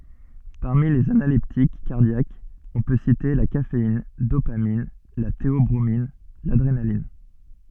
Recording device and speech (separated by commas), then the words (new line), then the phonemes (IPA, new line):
soft in-ear microphone, read sentence
Parmi les analeptiques cardiaques, on peut citer la caféine, dopamine, la théobromine, l'adrénaline.
paʁmi lez analɛptik kaʁdjakz ɔ̃ pø site la kafein dopamin la teɔbʁomin ladʁenalin